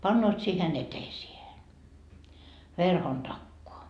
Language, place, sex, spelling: Finnish, Markkova, female, panevat siihen eteiseen verhon takaa
- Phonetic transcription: 'pannoot siihen "eteisiehe , 'verhon 'takkoa .

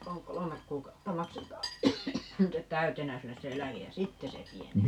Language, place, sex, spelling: Finnish, Paavola, female, - kolme kuukautta maksetaan nyt täytenä sinne se eläke ja sitten se pienenee
- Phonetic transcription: (--) "kolomek 'kuukautta 'makset̀aa , ('nyttet) "täytenä 'sinnes se "eläkej ja "sitte se 'piene(nee) .

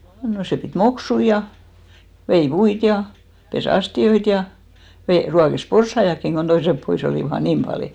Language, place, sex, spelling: Finnish, Hinnerjoki, female, no se piti moksuja ja vei puita ja pesi astioita ja - ruokki porsaitakin kun toiset pois olivat aina niin paljon
- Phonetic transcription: no 'sè pit "moksui ja , 'vei "puit ja , 'pe"s ‿asti₍oit ja , ve- , 'ruakes "porssaiʲakkiŋ ɢon 'toisep 'pois ‿olìva ai "niim palì .

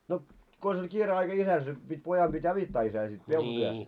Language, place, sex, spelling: Finnish, Moloskovitsa, male, no konsa oli kiire aika isällä se piti pojan piti auttaa isää sitten peltotyössä
- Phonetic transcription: no , 'kons oĺ 'kiire aika 'isäl se , pit́ 'pojam ʙit "avittaa isää sit 'peltotyös .

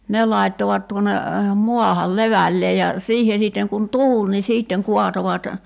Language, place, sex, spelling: Finnish, Kerimäki, female, ne laittoivat tuonne maahan levälleen ja siihen sitten kun tuuli niin sitten kaatoivat
- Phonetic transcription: 'ne laittovat tuone , 'muahal "levällee ja , 'siihe sìtteŋ kun "tuul ni 'siitteŋ 'kuatovat ,.

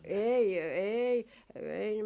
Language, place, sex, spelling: Finnish, Jaala, female, ei ei ei -
- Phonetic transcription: "eei , "eei , ei s- ,.

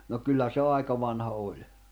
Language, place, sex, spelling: Finnish, Jämsä, male, no kyllä se aika vanha oli
- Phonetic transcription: no 'kyllä se 'àika vanha 'oĺ .

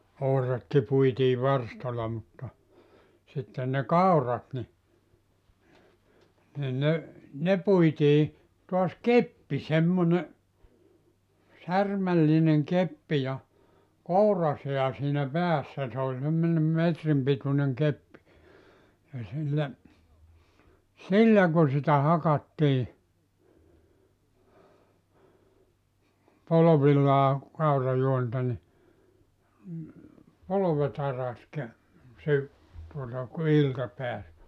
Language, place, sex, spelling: Finnish, Joutsa, male, ohratkin puitiin varstalla mutta sitten ne kaurat niin niin ne ne puitiin taas keppi semmoinen särmällinen keppi ja kouransää siinä päässä se oli semmoinen metrin pituinen keppi ja sillä sillä kun sitä hakattiin polvillaan kaurajuonta niin polvet araksi - - tuota kun ilta pääsi
- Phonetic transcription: 'ohratki 'puitii 'varstala mutta , sitten ne "kaur̀at ni , nin 'ne , "ne 'puitii , toas "keppi 'semmone , "särmällineŋ 'keppi ja , "kouraseä siinä 'päässä se ‿oĺ semmońem 'metrim pituneŋ 'keppi , ja 'sillä , "sillä ku sitä 'hakattii , 'polovillaa , 'kaurajuonta ni , 'polove't ‿araks kä- , sy- , tuota ku "ilta peäs .

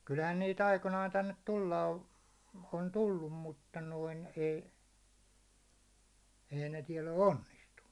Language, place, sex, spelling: Finnish, Hollola, male, kyllähän niitä aikoinaan tänne tulla - on tullut mutta noin ei ei ne täällä ole onnistunut
- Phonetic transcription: kylhän niit 'aikonaan tännet 'tulla o- , on 'tullum mutta noin ei , ei ne 'tiɛl ‿o "onnistunnu .

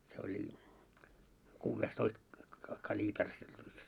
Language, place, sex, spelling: Finnish, Moloskovitsa, male, se oli kuudentoista - kaliiperin se pyssy
- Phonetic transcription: se oĺ , 'kuuvvees'toist , ka- ka'ĺiiper se pyssy .

